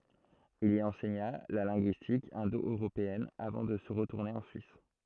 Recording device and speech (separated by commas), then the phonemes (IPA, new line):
throat microphone, read sentence
il i ɑ̃sɛɲa la lɛ̃ɡyistik ɛ̃doøʁopeɛn avɑ̃ də ʁətuʁne ɑ̃ syis